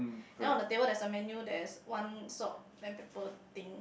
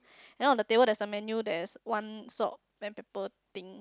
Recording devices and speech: boundary microphone, close-talking microphone, conversation in the same room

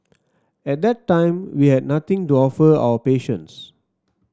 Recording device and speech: standing microphone (AKG C214), read sentence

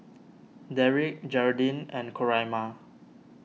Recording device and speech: mobile phone (iPhone 6), read sentence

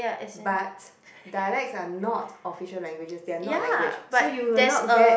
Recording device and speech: boundary microphone, conversation in the same room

